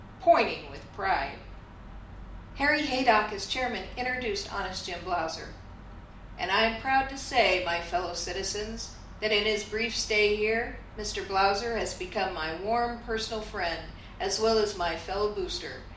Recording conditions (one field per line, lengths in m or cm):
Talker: one person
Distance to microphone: 2.0 m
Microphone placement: close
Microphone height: 99 cm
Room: medium-sized (5.7 m by 4.0 m)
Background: none